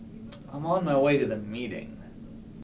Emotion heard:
disgusted